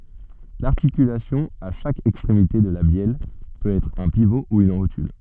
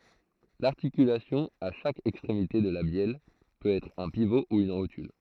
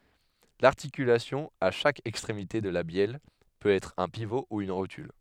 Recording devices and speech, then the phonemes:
soft in-ear microphone, throat microphone, headset microphone, read sentence
laʁtikylasjɔ̃ a ʃak ɛkstʁemite də la bjɛl pøt ɛtʁ œ̃ pivo u yn ʁotyl

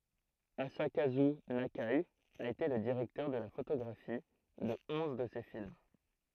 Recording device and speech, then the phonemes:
throat microphone, read sentence
azakazy nake a ete lə diʁɛktœʁ də la fotoɡʁafi də ɔ̃z də se film

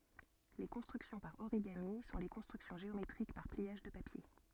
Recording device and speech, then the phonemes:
soft in-ear microphone, read sentence
le kɔ̃stʁyksjɔ̃ paʁ oʁiɡami sɔ̃ le kɔ̃stʁyksjɔ̃ ʒeometʁik paʁ pliaʒ də papje

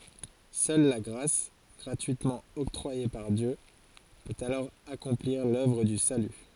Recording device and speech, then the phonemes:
forehead accelerometer, read sentence
sœl la ɡʁas ɡʁatyitmɑ̃ ɔktʁwaje paʁ djø pøt alɔʁ akɔ̃pliʁ lœvʁ dy saly

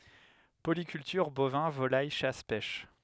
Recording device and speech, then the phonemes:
headset microphone, read sentence
polikyltyʁ bovɛ̃ volaj ʃas pɛʃ

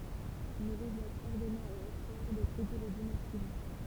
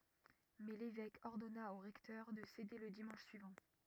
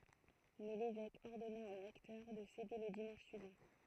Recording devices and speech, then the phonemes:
temple vibration pickup, rigid in-ear microphone, throat microphone, read sentence
mɛ levɛk ɔʁdɔna o ʁɛktœʁ də sede lə dimɑ̃ʃ syivɑ̃

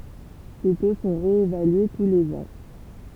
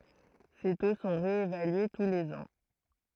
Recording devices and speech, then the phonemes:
temple vibration pickup, throat microphone, read sentence
se to sɔ̃ ʁeevalye tu lez ɑ̃

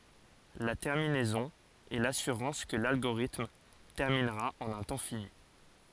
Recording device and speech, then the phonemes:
forehead accelerometer, read sentence
la tɛʁminɛzɔ̃ ɛ lasyʁɑ̃s kə lalɡoʁitm tɛʁminʁa ɑ̃n œ̃ tɑ̃ fini

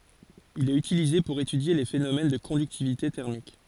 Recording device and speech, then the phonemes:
forehead accelerometer, read sentence
il ɛt ytilize puʁ etydje le fenomɛn də kɔ̃dyktivite tɛʁmik

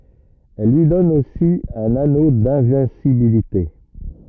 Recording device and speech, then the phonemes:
rigid in-ear microphone, read sentence
ɛl lyi dɔn osi œ̃n ano dɛ̃vɛ̃sibilite

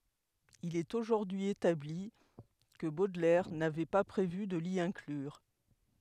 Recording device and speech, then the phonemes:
headset microphone, read sentence
il ɛt oʒuʁdyi etabli kə bodlɛʁ navɛ pa pʁevy də li ɛ̃klyʁ

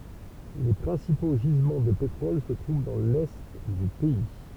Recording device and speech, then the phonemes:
temple vibration pickup, read sentence
le pʁɛ̃sipo ʒizmɑ̃ də petʁɔl sə tʁuv dɑ̃ lɛ dy pɛi

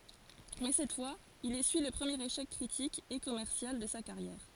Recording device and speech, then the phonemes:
forehead accelerometer, read sentence
mɛ sɛt fwaz il esyi lə pʁəmjeʁ eʃɛk kʁitik e kɔmɛʁsjal də sa kaʁjɛʁ

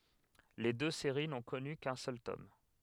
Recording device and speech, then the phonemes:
headset microphone, read sentence
le dø seʁi nɔ̃ kɔny kœ̃ sœl tɔm

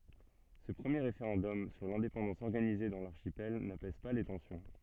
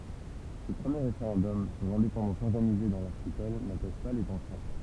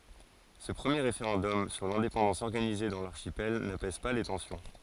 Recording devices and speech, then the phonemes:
soft in-ear microphone, temple vibration pickup, forehead accelerometer, read sentence
sə pʁəmje ʁefeʁɑ̃dɔm syʁ lɛ̃depɑ̃dɑ̃s ɔʁɡanize dɑ̃ laʁʃipɛl napɛz pa le tɑ̃sjɔ̃

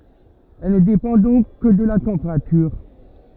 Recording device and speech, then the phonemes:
rigid in-ear microphone, read sentence
ɛl nə depɑ̃ dɔ̃k kə də la tɑ̃peʁatyʁ

